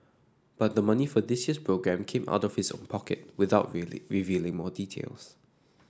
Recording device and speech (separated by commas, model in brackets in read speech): standing microphone (AKG C214), read sentence